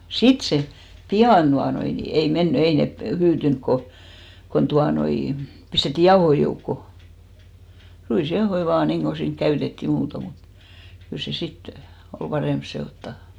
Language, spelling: Finnish, sitten se pian tuota noin niin ei mennyt ei ne hyytynyt kun kun tuota noin pistettiin jauhoja joukkoon ruisjauhoja vain niin kuin siinä käytettiin muuten mutta kyllä se sitten oli parempi sekoittaa
- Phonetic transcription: "sit 'se , "pi₍an ᴅuanoi , ni 'ei 'menny , 'ei ne 'hyytyŋk ko , kon 'tuanoi , 'pistetti 'jaohoi joukko , "ruis'jaohoi 'vaan niiŋɢo 'siiŋk "käytettì 'muuto mut , kyl se 'sit , ol 'paremp se₍òttà .

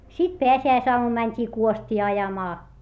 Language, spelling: Finnish, sitten pääsiäisaamuna mentiin kuostia ajamaan
- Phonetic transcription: sit peäsi₍äisoamum mäńt́ii kuost́ii ajamaa .

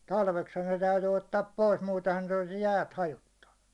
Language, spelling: Finnish, talveksihan ne täytyi ottaa pois muutenhan ne olisi jäät hajottanut
- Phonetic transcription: 'talveksha ne täyty 'ottaap 'pois 'muutehan̬ ne ᴏʟɪs 'jäät "hajottannu .

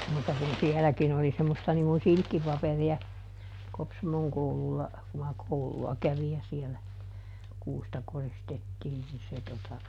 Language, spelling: Finnish, mutta kun sielläkin oli semmoista niin kuin silkkipaperia Kopsamon koululla kun minä koululla kävin ja siellä kuusta koristettiin niin se tuota
- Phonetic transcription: mùt̆ta kun ˈsiɛläkin ‿oli semmosta niŋ kun "silkkipaperi₍a , ˈKopsamoŋ ˈkoululla , ku ma ˈkoulu₍a ˈkävij ja sielä , ˈkuusta ˈkoristettiin ni se tota ,.

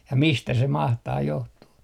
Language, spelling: Finnish, ja mistä se mahtaa johtua
- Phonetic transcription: ja "mistä se 'mahtaa 'johtuu .

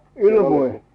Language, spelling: Finnish, ilmoja
- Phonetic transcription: ilmoi ?

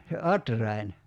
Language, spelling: Finnish, se atrain
- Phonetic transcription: se 'atrain .

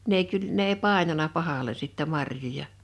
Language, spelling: Finnish, n ei - ne ei painanut pahalle sitten marjoja
- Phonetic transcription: 'n ‿ei kyl- , 'ne ei "pài̬nana 'pahale sittɛ 'marjoja .

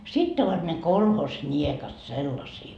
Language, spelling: Finnish, sitten ovat ne kolhosniekat sellaisia
- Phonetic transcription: 'sitt ‿ovat ne "kolhos'ńiekat "sellasii .

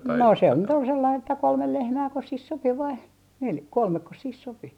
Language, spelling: Finnish, no se nyt oli sellainen että kolme lehmääkös siihen sopi vai - kolmekos siihen sopi
- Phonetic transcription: no 'se nyt ‿ol sellain että kolmel lehmääkos sih sopi vai nel - "kolmekkos sih 'sopi .

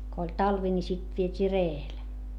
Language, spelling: Finnish, kun oli talvi niin sitten vietiin reellä
- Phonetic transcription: ko oĺ talvi ni sit viet́ii ree₍el .

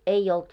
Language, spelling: Finnish, ei ollut
- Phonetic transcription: 'ei olt .

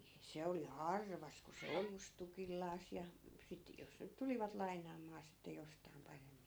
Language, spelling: Finnish, se oli harvassa kun se ojusi tukillaan ja sitten jos nyt tulivat lainaamaan sitten jostakin paremmin
- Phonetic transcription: 'se oli "harvas ku se 'ojus tukillaas ja , sit , 'jos nyt 'tulivat 'laiǹaam̆maa sitte 'jostai̮m 'paremmin .

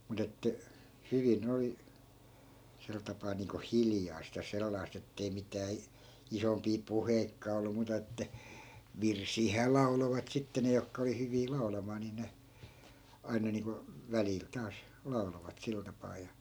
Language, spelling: Finnish, mutta että hyvin oli sen tapaa niin kuin hiljaista ja sellaista että ei mitään - isompia puheitakaan ollut muuta että virsiähän lauloivat sitten ne jotka oli hyviä laulamaan niin ne aina niin kuin välillä taas lauloivat sillä tapaa ja
- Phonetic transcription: mu't ‿että , 'hyvi'n ‿oli , 'sel tapaa niiŋko "hiljaist ja 'sellaist ‿ettei 'mitää i- , 'isompii "puheikkaa ollu 'muuta että , "virsiihää "lau̬lovat sitte 'ne jokka oli 'hyvii 'lau̬lamaa ni ne , 'aina niiŋko , 'välil taas , "lau̬lovat 'sil tapaa ja .

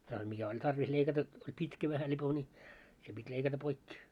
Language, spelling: Finnish, ja mikä oli tarvis leikata oli pitkä vähän lipoi niin se piti leikata poikki
- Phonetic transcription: jah mikä oĺ tarvis leikata , oĺ 'pitkä vähä lipo ńi , se pit́ 'leikata 'poikki .

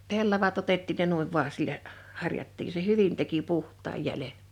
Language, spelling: Finnish, pellavat otettiin ne noin vain sillä harjattiin se hyvin teki puhtaan jäljen
- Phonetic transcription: 'pellavat ‿otettiin ne 'nuiv 'vua 'sillä , 'harjattii se "hyvin teki "puht̆taaj 'jälen̬ .

